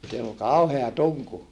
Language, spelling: Finnish, siellä oli kauhea tunku
- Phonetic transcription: siell ‿ol kauhea tuŋku .

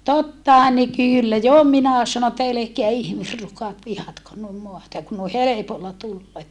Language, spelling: Finnish, tottahan ne - jo minä sanoin että älkää ihmisrukat vihatko noin maata ja kun noin helpolla tulee
- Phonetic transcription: tottaha ne kyllä - jo minä sano että » elekeä ihmisrukat vihatkon nuim moata ja kun noi helepolla tulloo .

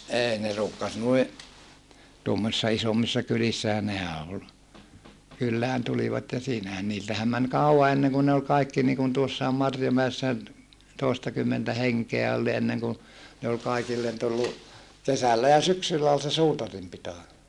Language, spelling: Finnish, ei ne ruukasi noin tuommoisissa isommissa kylissähän nehän oli kylään tulivat ja siinähän niiltähän meni kauan ennen kuin ne oli kaikki niin kuin tuossakin Marjomäessä toistakymmentä henkeä oli niin ennen kuin ne oli kaikille tullut kesällä ja syksyllä oli se suutarin pito
- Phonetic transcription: ʼeei ne ruukkas nui , tuommosissa isommissa kylissähä nehä ol , kyllään tulivat ja siinähän niiltähäm män kàu₍a enneŋkun ne ol kaikki niikun tuossai̮m Marjomäessä , tòestakymmentä heŋkeä ol (ni) enneŋ ku , ne ol kaikillen tullu , kesällä ja syksyllä ol se suutarim pito .

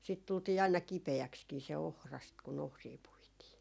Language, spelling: Finnish, siitä tultiin aina kipeäksikin se ohrasta kun ohria puitiin
- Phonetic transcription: siit tultii aina 'kipe₍äkskii se 'ohrast kun "ohrii 'puitii .

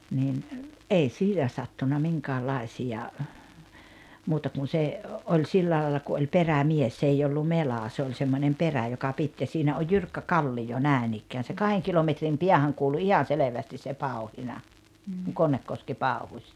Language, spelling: Finnish, niin ei siinä sattunut minkäänlaisia muuta kun se oli sillä lailla kun oli perämies se ei ollut mela se oli semmoinen perä joka piti ja siinä on jyrkkä kallio näin ikään se kahden kilometrin päähän kuului ihan selvästi se pauhina kun Konnekoski pauhusi
- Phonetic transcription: nin , '’ei "siinä sattuna 'miŋkäälaisi₍a , 'muuta kun̬ se , 'oĺ 'sillää laalla ku oĺ "perämies 's ‿eij ‿ollu "melà se oĺ semmońem "perä joka 'pit ja 'siinä oj "jyrkkä "kallijo 'nä̀enikkään̬ se 'kaheŋ kilometrim 'piähäŋ kuulu 'ihan̬ "selevästis se "pau̬hina , kuŋ "Konnekkoski "pàuhuś .

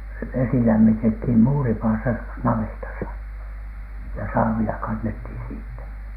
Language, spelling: Finnish, vesi lämmitettiin muuripadassa navetassa ja saavilla kannettiin siitä
- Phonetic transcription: vesi lämmitethìm "muuripaasa 'navetasa , ja "saavila kannethìn siittä .

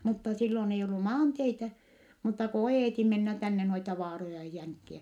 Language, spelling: Finnish, mutta silloin ei ollut maanteitä mutta kun oieti mennä tänne noita vaaroja ja jänkiä
- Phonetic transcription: mutta sillon ei ollu maanteitä , mutta ko o₍èti mennä tänne noita vaaroja ja jäŋkkiä .

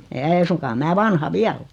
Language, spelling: Finnish, ei suinkaan minä vanha vielä ole
- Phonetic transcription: 'ei̬ suŋkaa 'mää 'vanha "viäl ‿o .

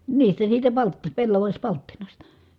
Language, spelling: Finnish, niistä siitä - pellavapalttinasta
- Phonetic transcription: niistä siitä palt- , pellavaśpalttinasta .

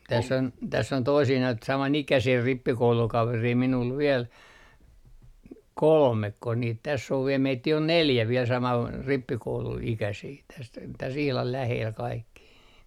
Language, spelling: Finnish, tässä on toisia noita samanikäisiä rippikoulukavereita minulla vielä kolmeko niitä tässä on vielä meitä on neljä vielä - rippikouluikäisiä tässä tässä ihan lähellä kaikki
- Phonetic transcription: täs's ‿on 'toisii noit 'samanikäsii 'rippikoulukaverii minul 'viel , "kolmekko niit täss ‿ov vie 'meittii on "neljä viel saman- , 'rippikoulu₍ikäsii täs , täs ihlal 'läheel 'kaikki .

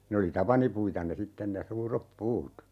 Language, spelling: Finnish, ne oli tapanipuita ne sitten ne suuret puut
- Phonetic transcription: ne oli "tapanipuita ne 'sitten ne 'suurep "puut .

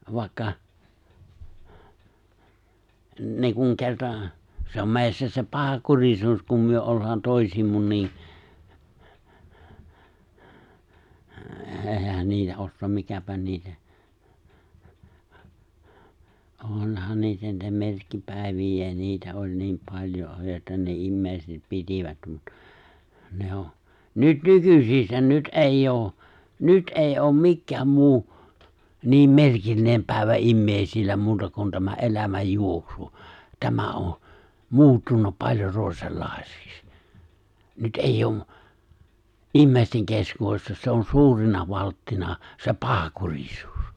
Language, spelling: Finnish, vaikka niin kuin kerta se on meissä se pahankurisuus kun me ollaan toisiimme niin eihän niitä osaa mikäpä niitä onhan niitä niitä merkkipäiviä niitä oli niin paljon joita ne ihmiset pitivät mutta ne on nyt nykyisissä nyt ei ole nyt ei ole mikään muu niin merkillinen päivä ihmisillä muuta kuin tämä elämän juoksu tämä on muuttunut paljon toisenlaiseksi nyt ei ole ihmisten keskuudessa se on suurena valttina se pahankurisuus
- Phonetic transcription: 'vài̬kka , niiŋkuŋ 'ke̬rta , 'se om 'mè̬issä se 'paha'kurisuus kum myö 'ollaan 'tòisiimmun niin , '’ehän 'niitä 'ossoom 'mikäpä 'niitä , 'oonhan 'niitä niitä 'merkkipä̀evij̆jä̀in̆ 'niitä ’oĺ niim 'pal̜jo jòeta ne 'immèiset 'pitivät mut , ne o , 'nyt "nykysissä 'nyt '’eij"j ‿oo , "nyt '’èi ’oom "mikkääm 'muu , niim "me̬rkillinem 'pä̀ivä "’immèisillä 'muuta kun tämä '’elämäj 'juoksu , 'tämä o , "muuttunu , paĺjo 'tòisellài̬seks , 'nyt '’eijj ‿o , '’immèi̬steŋ 'keskuuwessa se on "suurena 'valttina , se "paha'kuŕisuus .

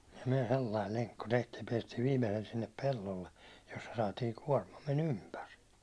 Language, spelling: Finnish, ja me sellainen lenkku tehtiin ja päästiin viimeiselle sinne pellolle jossa saatiin kuormamme ympäri
- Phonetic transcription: ja myäₒ "sellail 'leŋkku tehtiij ja 'piɛstiiv viimesel sinnep 'pellolle , jossa saatiiŋ 'kuårmamme"n ‿ympär .

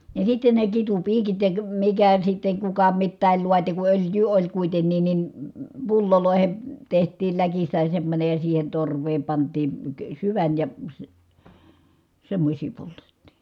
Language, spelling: Finnish, ja sitten ne kitupiikit ja mikä sitten kuka mitäkin laati kun öljyä oli kuitenkin niin pulloihin tehtiin läkistä semmoinen ja siihen torveen pantiin - syvän ja - semmoisia poltettiin
- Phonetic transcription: ja sitten ne kitupiikit ja , mikä sitteŋ kuka mittä̀il luati ku ölj̀yy oĺ kuitennin ni , pullolòehe , teht̀iil läkistä semmońej ja siihen torv̀eem pant̀ii , ə syvän ja , sⁱ- , semmośii poltettI .

